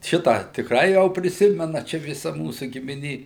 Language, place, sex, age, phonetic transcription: Lithuanian, Suvalkija, male, 60+, ˈšitą tikˈrai ˈjau priˈsimena ˈčia viˈsa ˈmūsu gimiˈnė

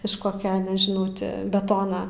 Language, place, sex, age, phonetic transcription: Lithuanian, Aukštaitija, female, 18-60, iš ˈkokia nežiˈnau ti beˈtona

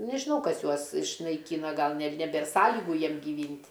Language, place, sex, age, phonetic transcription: Lithuanian, Aukštaitija, female, 60+, nežiˈnau ˈkas ˈjuos išnaiˈkyna ˈgal ne neˈbėr ˈsąligu ˈjiem giˈvynt'

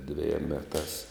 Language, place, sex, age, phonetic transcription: Lithuanian, Žemaitija, male, 60+, dveˈjiem ˈmetās

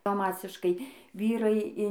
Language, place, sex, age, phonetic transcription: Lithuanian, Dzūkija, female, 18-60, ba ˈmasiškai ˈvyrai in

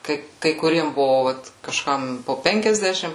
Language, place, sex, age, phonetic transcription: Lithuanian, Suvalkija, female, 18-60, ˈkai kai kuˈriem ˈbuvo ˈvat kažˈkam po ˈpenkiasdešim

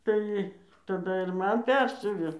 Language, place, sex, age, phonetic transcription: Lithuanian, Dzūkija, female, 60+, ˈtai taˈda ir ˈman ˈpersiuvė

